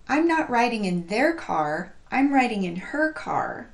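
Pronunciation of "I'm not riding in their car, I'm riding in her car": The word 'her' is stressed, and its h sound is pronounced rather than dropped.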